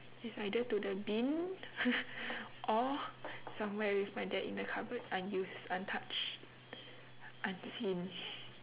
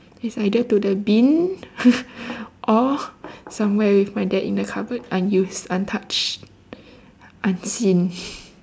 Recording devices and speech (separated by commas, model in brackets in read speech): telephone, standing microphone, conversation in separate rooms